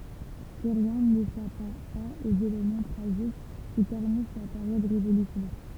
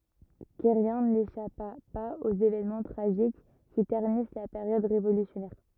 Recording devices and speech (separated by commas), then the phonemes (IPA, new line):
temple vibration pickup, rigid in-ear microphone, read sentence
kɛʁjɛ̃ neʃapa paz oz evɛnmɑ̃ tʁaʒik ki tɛʁnis la peʁjɔd ʁevolysjɔnɛʁ